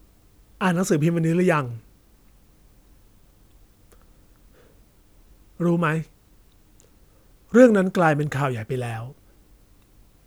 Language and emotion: Thai, neutral